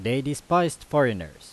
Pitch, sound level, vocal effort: 140 Hz, 90 dB SPL, very loud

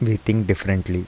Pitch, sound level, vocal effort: 100 Hz, 79 dB SPL, soft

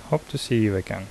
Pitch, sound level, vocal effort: 110 Hz, 74 dB SPL, soft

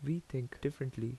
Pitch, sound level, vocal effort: 135 Hz, 77 dB SPL, soft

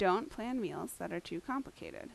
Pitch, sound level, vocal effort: 250 Hz, 81 dB SPL, normal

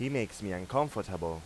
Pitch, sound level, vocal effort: 105 Hz, 90 dB SPL, loud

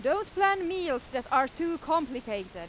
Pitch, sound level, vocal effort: 280 Hz, 95 dB SPL, very loud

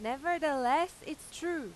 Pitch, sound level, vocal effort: 310 Hz, 96 dB SPL, very loud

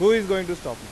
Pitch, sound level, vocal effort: 190 Hz, 99 dB SPL, loud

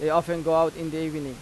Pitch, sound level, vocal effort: 160 Hz, 92 dB SPL, normal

